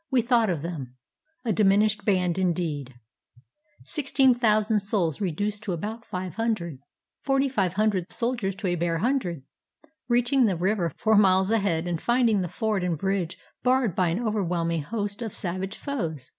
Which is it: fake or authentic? authentic